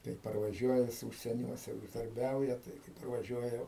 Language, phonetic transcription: Lithuanian, tai parvaˈžiuoja jis ūžsieˈniuose ūždarˈbiauja tai kai parvaˈžiuoja

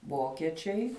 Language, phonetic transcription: Lithuanian, ˈvokiečiai

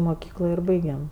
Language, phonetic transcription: Lithuanian, moˈkyklo ir ˈbaigem

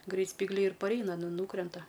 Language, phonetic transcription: Lithuanian, ˈgreit spygˈliai ir parˈeina nu ˈnūkrenta

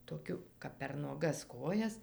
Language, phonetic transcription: Lithuanian, toˈkiu kap per nuoˈgas ˈkojas

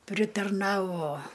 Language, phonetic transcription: Lithuanian, pritarˈnavo

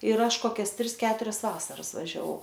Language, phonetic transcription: Lithuanian, ir ˈaš ˈkokias ˈtris ˈketurias ˈvasaras važiaˈvau

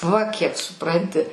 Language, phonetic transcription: Lithuanian, va kiek suˈpranti

